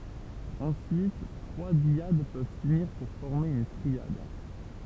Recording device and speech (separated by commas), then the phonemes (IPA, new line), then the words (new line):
temple vibration pickup, read sentence
ɑ̃syit tʁwa djad pøv syniʁ puʁ fɔʁme yn tʁiad
Ensuite, trois dyades peuvent s’unir pour former une triade.